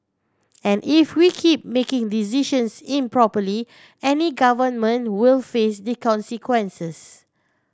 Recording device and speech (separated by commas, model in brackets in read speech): standing microphone (AKG C214), read sentence